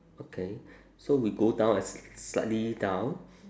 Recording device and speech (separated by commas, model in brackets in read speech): standing microphone, conversation in separate rooms